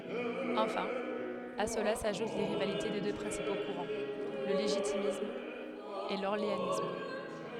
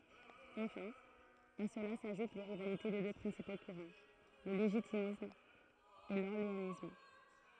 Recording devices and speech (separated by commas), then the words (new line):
headset microphone, throat microphone, read sentence
Enfin, à cela s’ajoutent les rivalités des deux principaux courants, le légitimiste et l’orléaniste.